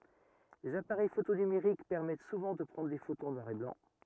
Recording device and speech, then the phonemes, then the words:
rigid in-ear microphone, read sentence
lez apaʁɛj foto nymeʁik pɛʁmɛt suvɑ̃ də pʁɑ̃dʁ de fotoz ɑ̃ nwaʁ e blɑ̃
Les appareils photo numériques permettent souvent de prendre des photos en noir et blanc.

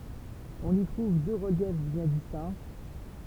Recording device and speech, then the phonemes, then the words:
temple vibration pickup, read sentence
ɔ̃n i tʁuv dø ʁəljɛf bjɛ̃ distɛ̃
On y trouve deux reliefs bien distincts.

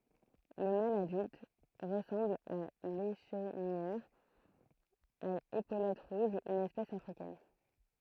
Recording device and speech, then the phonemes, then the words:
throat microphone, read sentence
lə mal adylt ʁəsɑ̃bl a leʃnijœʁ a epolɛt ʁuʒz yn ɛspɛs afʁikɛn
Le mâle adulte ressemble à l'Échenilleur à épaulettes rouges, une espèce africaine.

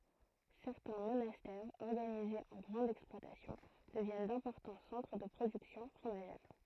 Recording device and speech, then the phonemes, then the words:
throat microphone, read sentence
sɛʁtɛ̃ monastɛʁz ɔʁɡanizez ɑ̃ ɡʁɑ̃dz ɛksplwatasjɔ̃ dəvjɛn dɛ̃pɔʁtɑ̃ sɑ̃tʁ də pʁodyksjɔ̃ fʁomaʒɛʁ
Certains monastères organisés en grandes exploitations deviennent d'importants centres de productions fromagères.

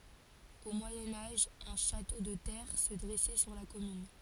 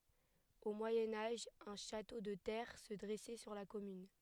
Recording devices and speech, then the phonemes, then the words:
forehead accelerometer, headset microphone, read sentence
o mwajɛ̃ aʒ œ̃ ʃato də tɛʁ sə dʁɛsɛ syʁ la kɔmyn
Au Moyen Âge un château de terre se dressait sur la commune.

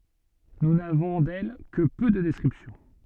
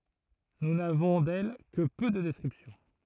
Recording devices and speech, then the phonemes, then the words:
soft in-ear microphone, throat microphone, read sentence
nu navɔ̃ dɛl kə pø də dɛskʁipsjɔ̃
Nous n'avons d'elle que peu de descriptions.

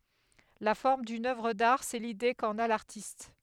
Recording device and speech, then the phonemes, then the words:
headset microphone, read sentence
la fɔʁm dyn œvʁ daʁ sɛ lide kɑ̃n a laʁtist
La forme d'une œuvre d'art, c'est l'idée qu'en a l'artiste.

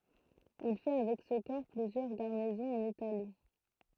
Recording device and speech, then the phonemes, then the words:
throat microphone, read sentence
il fɛ avɛk sə kɔʁ plyzjœʁ ɡaʁnizɔ̃z ɑ̃n itali
Il fait avec ce corps plusieurs garnisons en Italie.

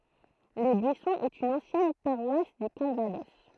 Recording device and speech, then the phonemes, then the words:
throat microphone, read sentence
le byisɔ̃z ɛt yn ɑ̃sjɛn paʁwas dy kalvadɔs
Les Buissons est une ancienne paroisse du Calvados.

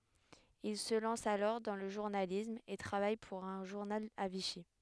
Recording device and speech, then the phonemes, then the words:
headset microphone, read sentence
il sə lɑ̃s alɔʁ dɑ̃ lə ʒuʁnalism e tʁavaj puʁ œ̃ ʒuʁnal a viʃi
Il se lance alors dans le journalisme et travaille pour un journal à Vichy.

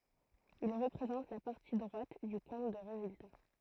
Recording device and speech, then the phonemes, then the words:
throat microphone, read sentence
il ʁəpʁezɑ̃t la paʁti dʁwat dy kɔ̃t də ʁezylta
Il représente la partie droite du compte de résultat.

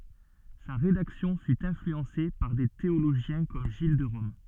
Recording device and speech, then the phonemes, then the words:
soft in-ear microphone, read sentence
sa ʁedaksjɔ̃ fy ɛ̃flyɑ̃se paʁ de teoloʒjɛ̃ kɔm ʒil də ʁɔm
Sa rédaction fut influencée par des théologiens comme Gilles de Rome.

